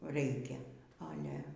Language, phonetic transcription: Lithuanian, ˈreikia aˈle

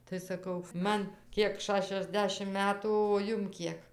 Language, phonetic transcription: Lithuanian, tai saˈkau ˈman ˈkiek ˌšašiasˈdešim ˈmetų o ˈjum ˈkiek

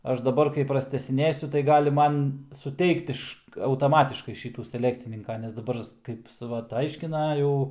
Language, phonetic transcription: Lithuanian, ˈaš daˈbar kai prastęsiˈnėsiu tai ˈgali ˈman suˈteikt iš autaˈmatiškai ˈšytų seˈlekcininka nes daˈbar ˈkaip su ˈvat ˈaiškina ˈjau

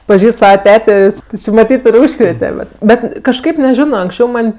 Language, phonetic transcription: Lithuanian, paˈžįst ˈsavaˈtetė jis ti či maˈtyt i ˈūžkrėte bet ˈbet kažˈkaip neˈžino anksˈčiau ˈman'

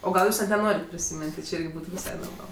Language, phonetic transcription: Lithuanian, o ˈgal ˈjūs net neˈnorit prisiˈmin't' ti ˈči ˈirgi ˈbūtu viˈsai norˈmal

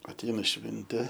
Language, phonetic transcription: Lithuanian, atˈeina ˈšvintė

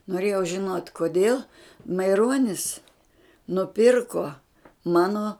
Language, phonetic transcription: Lithuanian, noˈrėjau žiˈnot' koˈdėl maiˈronis nuˈpirko ˈmano

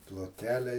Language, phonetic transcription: Lithuanian, ploˈtkele

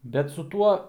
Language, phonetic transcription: Lithuanian, bet su ˈtuo

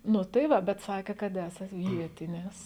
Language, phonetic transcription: Lithuanian, ˈnu tai ˈva bet ˈsakė kad ˈesat ˈvietinis

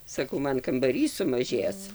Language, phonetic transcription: Lithuanian, saˈkau ˈman kambaˈrys sumaˈžės

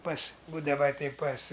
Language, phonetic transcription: Lithuanian, pas ˈbūdava tei pas

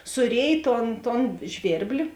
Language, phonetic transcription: Lithuanian, suˈrėj ˈton ton ˈžvėrbli

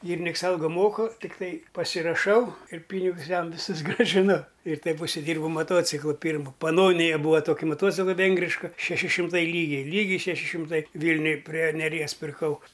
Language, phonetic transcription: Lithuanian, ˈgyriniks ˈalgo ˈmoku tikˈtai pasiraˈšau ir ˈpynigus ˈjam viˈsus grąžiˈnu ir ˈtaip užsiˈdyrbau maˈtociklo ˈpyrmo paˈnonija ˈbūva ˈtoki moˈtocikla ˈvengriška šeˈši šimˈtai ˈlygiai ˈlygiai šeˈši šimˈtai ˈvylniuj prie neˈries pirˈkau

